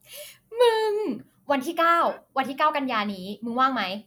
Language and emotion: Thai, happy